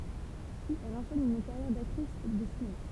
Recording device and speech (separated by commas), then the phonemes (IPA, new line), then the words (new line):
temple vibration pickup, read sentence
pyiz ɛl ɑ̃ʃɛn yn kaʁjɛʁ daktʁis də sinema
Puis elle enchaîne une carrière d'actrice de cinéma.